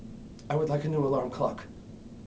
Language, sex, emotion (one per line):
English
male
neutral